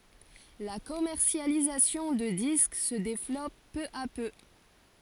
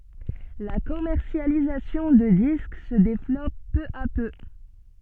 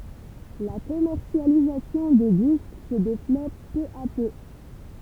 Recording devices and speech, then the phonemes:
forehead accelerometer, soft in-ear microphone, temple vibration pickup, read sentence
la kɔmɛʁsjalizasjɔ̃ də disk sə devlɔp pø a pø

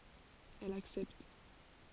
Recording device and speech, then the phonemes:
forehead accelerometer, read sentence
ɛl aksɛpt

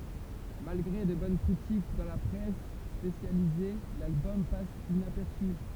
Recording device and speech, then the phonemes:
temple vibration pickup, read sentence
malɡʁe də bɔn kʁitik dɑ̃ la pʁɛs spesjalize lalbɔm pas inapɛʁsy

